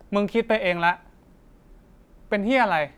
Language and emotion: Thai, angry